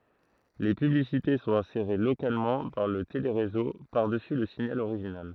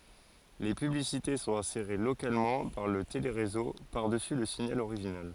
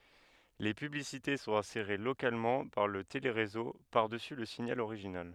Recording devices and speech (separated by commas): throat microphone, forehead accelerometer, headset microphone, read sentence